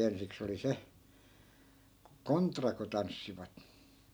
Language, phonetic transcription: Finnish, 'ensiks ‿oli 'se , "kontra ku 'tanssivat .
- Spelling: ensiksi oli se kontra kun tanssivat

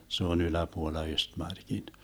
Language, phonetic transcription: Finnish, 'se ‿on 'yläpuolla 'Östmarkin .
- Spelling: se on yläpuolella Östmarkin

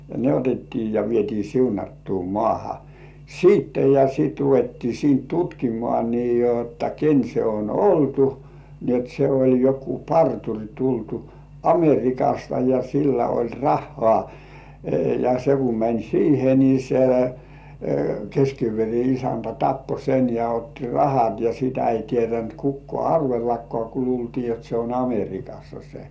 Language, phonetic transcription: Finnish, ne 'otettii ja vieti 'siunattuu "mŏàha , "siitte ja siit ruvettii 'siint "tutkimŏà nii jotta "ken 'se on "oltu , ni ‿ot 'se oĺ jokkuu "partuŕ tultu , "Amer̜ikasta ja 'sillä oĺ "rahhŏà , ja 'se kum mäń "siihe ni se , keskiiver̜i 'isäntä "tappo sen ja 'otti "rahat ja sitä 'ei tietänt 'kukkŏà "arvellakkŏà ku 'luultii jot se on "Amer̜ikassa se .
- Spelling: ne otettiin ja vietiin siunattuun maahan sitten ja sitten ruvettiin siitä tutkimaan niin jotta ken se on oltu niin jotta se oli joku parturi tultu Amerikasta ja sillä oli rahaa ja se kun meni siihen niin se kestikievarin isäntä tappoi sen ja otti rahat ja sitä ei tiennyt kukaan arvellakaan kun luultiin jotta se on Amerikassa se

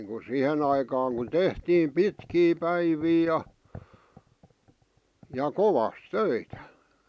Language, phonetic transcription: Finnish, niiŋku "sihen ‿aikaaŋ kun "tehtiim "pitkii "päivii 'ja , ja "kovas "töitä .
- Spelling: niin kuin siihen aikaan kun tehtiin pitkiä päiviä ja ja kovasti töitä

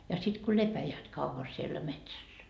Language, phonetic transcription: Finnish, ja sit ku "lepäjäät kauva siellä 'metsässä .
- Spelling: ja sitten kun lepäävät kauan siellä metsässä

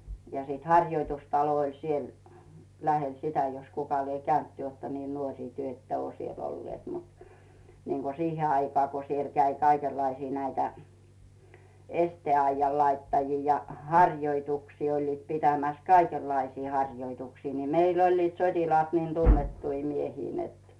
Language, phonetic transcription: Finnish, ja siit "haŕjoitustalo oĺ 'siel , 'lähel "sitä jos 'kuka lie 'käynt "ty ‿òtta nii 'nuoŕì "tyᵒ̈ ‿että ᵘò 'siell ‿"ollⁱèt mut , niiŋGo "sihe aikaa ko siel käi 'kaikellaisii näitä , "estè₍aijjal 'laittajii ja , "haŕjoituksii oĺliit 'pitämäs "kaikellaisii 'haŕjoituksii ni , 'meill ‿oĺliit "sot́ilaat 'niin 'tunnettui miehii net .
- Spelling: ja sitten harjoitustalo oli siellä lähellä sitä jos kuka lie käynyt te olette niin nuori te ette ole siellä olleet mutta niin kuin siihen aikaan kun siellä kävi kaikenlaisia näitä esteaidan laittajia ja harjoituksia olivat pitämässä kaikenlaisia harjoituksia niin meillä olivat sotilaat niin tunnettuja miehiä että

